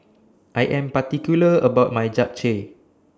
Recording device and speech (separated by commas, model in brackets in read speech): standing microphone (AKG C214), read sentence